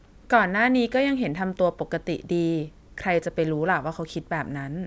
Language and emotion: Thai, neutral